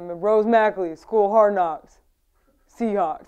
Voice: deep voice